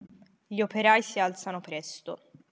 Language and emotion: Italian, neutral